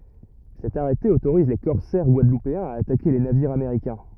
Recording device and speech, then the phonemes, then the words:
rigid in-ear microphone, read sentence
sɛt aʁɛte otoʁiz le kɔʁsɛʁ ɡwadlupeɛ̃z a atake le naviʁz ameʁikɛ̃
Cet arrêté autorise les corsaires guadeloupéens à attaquer les navires américains.

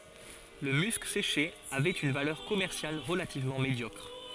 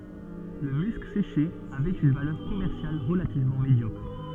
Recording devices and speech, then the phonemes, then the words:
forehead accelerometer, soft in-ear microphone, read sentence
lə mysk seʃe avɛt yn valœʁ kɔmɛʁsjal ʁəlativmɑ̃ medjɔkʁ
Le musc séché avait une valeur commerciale relativement médiocre.

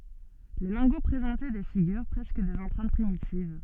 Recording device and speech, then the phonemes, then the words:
soft in-ear microphone, read sentence
le lɛ̃ɡo pʁezɑ̃tɛ de fiɡyʁ pʁɛskə dez ɑ̃pʁɛ̃t pʁimitiv
Les lingots présentaient des figures, presque des empreintes primitives.

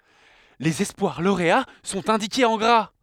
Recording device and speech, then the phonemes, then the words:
headset microphone, read sentence
lez ɛspwaʁ loʁea sɔ̃t ɛ̃dikez ɑ̃ ɡʁa
Les espoirs lauréats sont indiqués en gras.

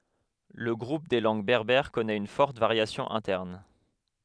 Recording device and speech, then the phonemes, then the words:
headset microphone, read sentence
lə ɡʁup de lɑ̃ɡ bɛʁbɛʁ kɔnɛt yn fɔʁt vaʁjasjɔ̃ ɛ̃tɛʁn
Le groupe des langues berbères connait une forte variation interne.

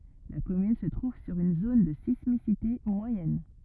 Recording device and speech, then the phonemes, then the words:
rigid in-ear microphone, read sentence
la kɔmyn sə tʁuv syʁ yn zon də sismisite mwajɛn
La commune se trouve sur une zone de sismicité moyenne.

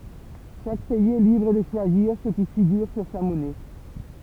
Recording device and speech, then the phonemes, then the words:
temple vibration pickup, read sentence
ʃak pɛiz ɛ libʁ də ʃwaziʁ sə ki fiɡyʁ syʁ sa mɔnɛ
Chaque pays est libre de choisir ce qui figure sur sa monnaie.

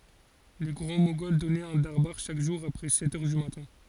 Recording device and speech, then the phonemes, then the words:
forehead accelerometer, read sentence
le ɡʁɑ̃ moɡɔl dɔnɛt œ̃ daʁbaʁ ʃak ʒuʁ apʁɛ sɛt œʁ dy matɛ̃
Les Grands Moghols donnaient un darbâr chaque jour après sept heures du matin.

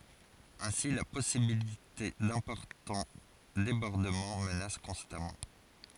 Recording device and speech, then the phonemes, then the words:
forehead accelerometer, read sentence
ɛ̃si la pɔsibilite dɛ̃pɔʁtɑ̃ debɔʁdəmɑ̃ mənas kɔ̃stamɑ̃
Ainsi la possibilité d'importants débordements menace constamment.

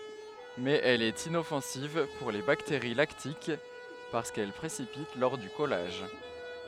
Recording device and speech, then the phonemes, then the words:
headset microphone, read sentence
mɛz ɛl ɛt inɔfɑ̃siv puʁ le bakteʁi laktik paʁskɛl pʁesipit lɔʁ dy kɔlaʒ
Mais elle est inoffensive pour les bactéries lactiques parce qu’elle précipite lors du collage.

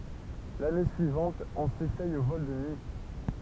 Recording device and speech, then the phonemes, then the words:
temple vibration pickup, read sentence
lane syivɑ̃t ɔ̃ sesɛj o vɔl də nyi
L'année suivante, on s'essaye aux vols de nuit.

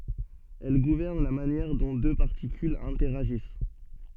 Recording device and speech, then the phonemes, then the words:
soft in-ear microphone, read sentence
ɛl ɡuvɛʁn la manjɛʁ dɔ̃ dø paʁtikylz ɛ̃tɛʁaʒis
Elle gouverne la manière dont deux particules interagissent.

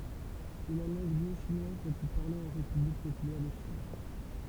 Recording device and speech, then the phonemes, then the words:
temple vibration pickup, read sentence
sɛ la lɑ̃ɡ nɔ̃ʃinwaz la ply paʁle ɑ̃ ʁepyblik popylɛʁ də ʃin
C'est la langue non-chinoise la plus parlée en République populaire de Chine.

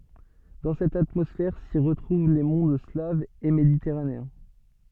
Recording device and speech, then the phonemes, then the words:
soft in-ear microphone, read sentence
dɑ̃ sɛt atmɔsfɛʁ si ʁətʁuv le mɔ̃d slavz e meditɛʁaneɛ̃
Dans cette atmosphère, s'y retrouvent les mondes slaves et méditerranéens.

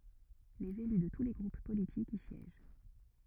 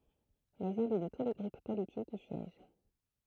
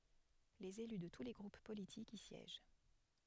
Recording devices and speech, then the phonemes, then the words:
rigid in-ear microphone, throat microphone, headset microphone, read sentence
lez ely də tu le ɡʁup politikz i sjɛʒ
Les élus de tous les groupes politiques y siègent.

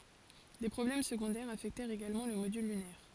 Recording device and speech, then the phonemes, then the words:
forehead accelerometer, read sentence
de pʁɔblɛm səɡɔ̃dɛʁz afɛktɛʁt eɡalmɑ̃ lə modyl lynɛʁ
Des problèmes secondaires affectèrent également le module lunaire.

